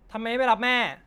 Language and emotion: Thai, angry